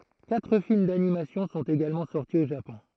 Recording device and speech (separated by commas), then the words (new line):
throat microphone, read sentence
Quatre films d’animation sont également sortis au Japon.